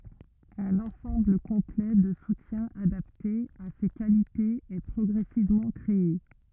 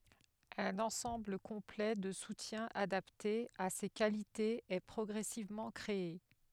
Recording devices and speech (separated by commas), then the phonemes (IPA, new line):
rigid in-ear microphone, headset microphone, read sentence
œ̃n ɑ̃sɑ̃bl kɔ̃plɛ də sutjɛ̃z adapte a se kalitez ɛ pʁɔɡʁɛsivmɑ̃ kʁee